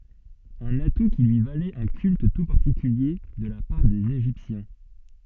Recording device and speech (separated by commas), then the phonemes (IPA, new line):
soft in-ear microphone, read sentence
œ̃n atu ki lyi valɛt œ̃ kylt tu paʁtikylje də la paʁ dez eʒiptjɛ̃